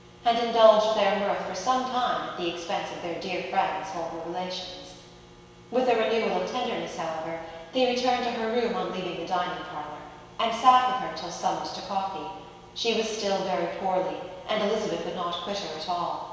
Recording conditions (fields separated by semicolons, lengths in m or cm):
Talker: one person; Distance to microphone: 1.7 m; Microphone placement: close; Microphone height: 1.0 m; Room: very reverberant, large; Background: none